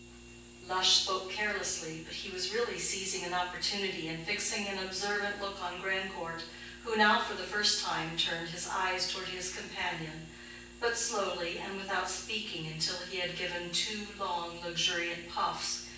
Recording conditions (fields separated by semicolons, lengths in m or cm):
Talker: one person; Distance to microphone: 9.8 m; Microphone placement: far; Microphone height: 1.8 m; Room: large; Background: none